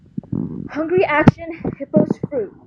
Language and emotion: English, fearful